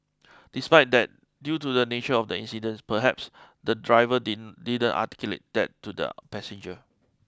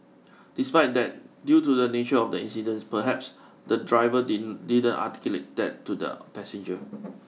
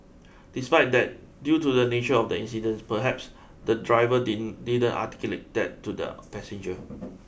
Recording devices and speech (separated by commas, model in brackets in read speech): close-talking microphone (WH20), mobile phone (iPhone 6), boundary microphone (BM630), read sentence